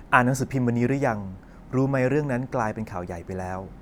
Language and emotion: Thai, neutral